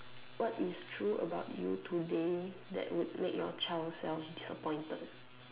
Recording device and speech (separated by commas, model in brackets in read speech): telephone, conversation in separate rooms